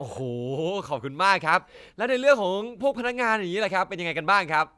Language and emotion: Thai, happy